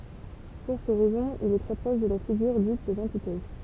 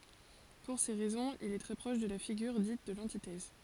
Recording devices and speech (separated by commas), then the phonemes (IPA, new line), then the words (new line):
temple vibration pickup, forehead accelerometer, read sentence
puʁ se ʁɛzɔ̃z il ɛ tʁɛ pʁɔʃ də la fiɡyʁ dit də lɑ̃titɛz
Pour ces raisons, il est très proche de la figure dite de l'antithèse.